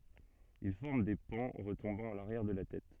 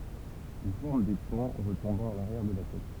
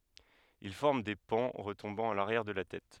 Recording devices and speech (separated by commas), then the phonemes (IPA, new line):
soft in-ear microphone, temple vibration pickup, headset microphone, read sentence
il fɔʁm de pɑ̃ ʁətɔ̃bɑ̃ a laʁjɛʁ də la tɛt